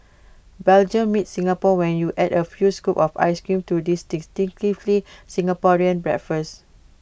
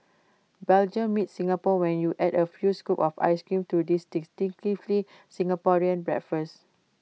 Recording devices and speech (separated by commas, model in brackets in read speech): boundary microphone (BM630), mobile phone (iPhone 6), read sentence